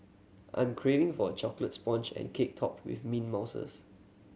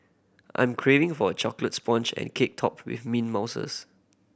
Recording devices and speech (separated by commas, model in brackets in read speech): mobile phone (Samsung C7100), boundary microphone (BM630), read sentence